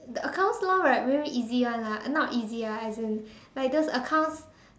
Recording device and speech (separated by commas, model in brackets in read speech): standing microphone, conversation in separate rooms